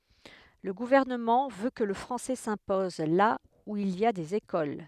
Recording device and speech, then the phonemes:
headset microphone, read sentence
lə ɡuvɛʁnəmɑ̃ vø kə lə fʁɑ̃sɛ sɛ̃pɔz la u il i a dez ekol

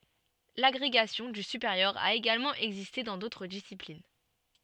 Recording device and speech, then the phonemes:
soft in-ear microphone, read sentence
laɡʁeɡasjɔ̃ dy sypeʁjœʁ a eɡalmɑ̃ ɛɡziste dɑ̃ dotʁ disiplin

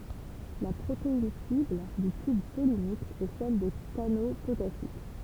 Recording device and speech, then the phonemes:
temple vibration pickup, read sentence
la pʁotein sibl dy tyb pɔlinik ɛ sɛl de kano potasik

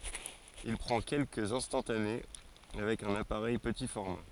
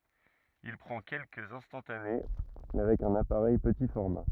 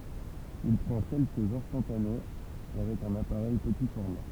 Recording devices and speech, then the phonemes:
forehead accelerometer, rigid in-ear microphone, temple vibration pickup, read sentence
il pʁɑ̃ kɛlkəz ɛ̃stɑ̃tane avɛk œ̃n apaʁɛj pəti fɔʁma

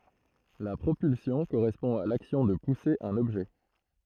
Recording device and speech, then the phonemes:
throat microphone, read sentence
la pʁopylsjɔ̃ koʁɛspɔ̃ a laksjɔ̃ də puse œ̃n ɔbʒɛ

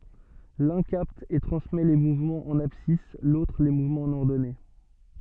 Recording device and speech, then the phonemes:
soft in-ear microphone, read sentence
lœ̃ kapt e tʁɑ̃smɛ le muvmɑ̃z ɑ̃n absis lotʁ le muvmɑ̃z ɑ̃n ɔʁdɔne

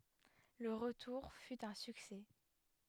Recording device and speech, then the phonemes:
headset microphone, read sentence
lə ʁətuʁ fy œ̃ syksɛ

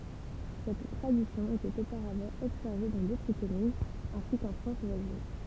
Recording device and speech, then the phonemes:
temple vibration pickup, read sentence
sɛt tʁadisjɔ̃ etɛt opaʁavɑ̃ ɔbsɛʁve dɑ̃ dotʁ kɔmynz ɛ̃si kɑ̃ fʁɑ̃s vwazin

